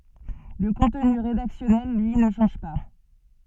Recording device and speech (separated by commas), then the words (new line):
soft in-ear microphone, read sentence
Le contenu rédactionnel, lui, ne change pas.